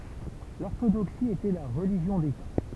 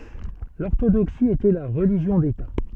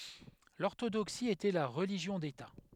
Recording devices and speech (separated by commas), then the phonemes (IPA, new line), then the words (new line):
temple vibration pickup, soft in-ear microphone, headset microphone, read sentence
lɔʁtodoksi etɛ la ʁəliʒjɔ̃ deta
L'orthodoxie était la religion d’État.